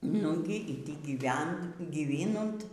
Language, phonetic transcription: Lithuanian, ˈnugi y tį gyˈvent gyˈvinunt

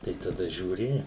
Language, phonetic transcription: Lithuanian, tai taˈda žiūˈri

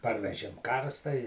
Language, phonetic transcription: Lithuanian, ˈparvežėm ˈkarsta i

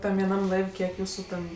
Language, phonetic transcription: Lithuanian, ˈtam vieˈnam ˈlaiv' kiek ˈjūsu ten

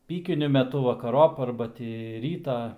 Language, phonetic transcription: Lithuanian, ˈpykiniu meˈtu vakaˈrop ˈarba tį ˈrytą

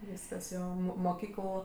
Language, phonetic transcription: Lithuanian, ˈvyskas ˈjo ˈmo moˈkykəl

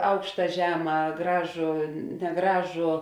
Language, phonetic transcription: Lithuanian, ˈaukšta ˈžema ˈgražu neˈgražu

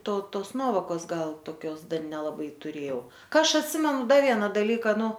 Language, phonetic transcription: Lithuanian, ˈto ˈtos ˈnuovokos ˈgal toˈkios ˈdar nelaˈbai tuˈrėjau ˈka ˈaš atˈsimenu ˈda ˈviena dalˈyka ˈnu

